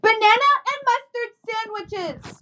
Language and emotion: English, angry